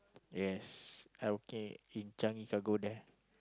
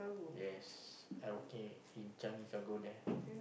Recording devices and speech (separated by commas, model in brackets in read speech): close-talking microphone, boundary microphone, conversation in the same room